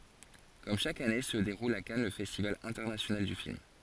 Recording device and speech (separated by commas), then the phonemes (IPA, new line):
forehead accelerometer, read sentence
kɔm ʃak ane sə deʁul a kan lə fɛstival ɛ̃tɛʁnasjonal dy film